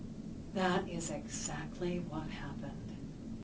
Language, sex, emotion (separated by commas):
English, female, neutral